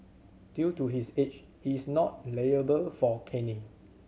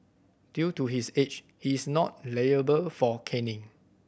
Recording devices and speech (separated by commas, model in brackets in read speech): mobile phone (Samsung C7100), boundary microphone (BM630), read sentence